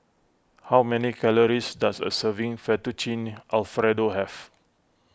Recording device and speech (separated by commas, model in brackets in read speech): close-talking microphone (WH20), read sentence